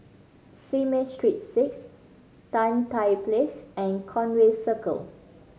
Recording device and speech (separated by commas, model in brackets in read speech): mobile phone (Samsung C5010), read sentence